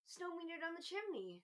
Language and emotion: English, happy